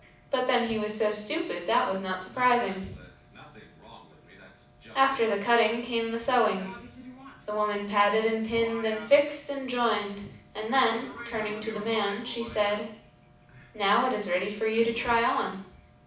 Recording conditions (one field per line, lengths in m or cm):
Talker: one person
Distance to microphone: 5.8 m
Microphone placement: far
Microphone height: 1.8 m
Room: medium-sized (5.7 m by 4.0 m)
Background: television